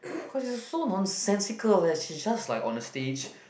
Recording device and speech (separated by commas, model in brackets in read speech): boundary microphone, conversation in the same room